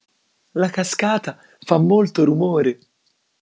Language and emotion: Italian, happy